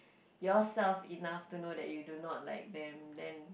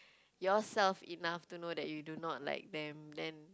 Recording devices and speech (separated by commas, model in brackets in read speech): boundary microphone, close-talking microphone, conversation in the same room